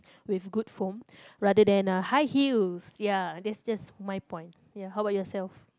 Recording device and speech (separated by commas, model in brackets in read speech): close-talking microphone, conversation in the same room